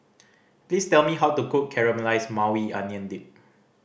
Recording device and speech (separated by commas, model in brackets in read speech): boundary microphone (BM630), read sentence